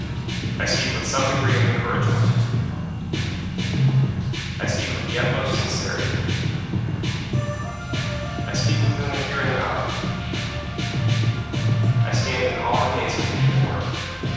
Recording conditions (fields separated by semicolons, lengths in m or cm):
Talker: one person; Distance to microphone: 7.1 m; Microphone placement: far; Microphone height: 1.7 m; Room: very reverberant, large; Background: music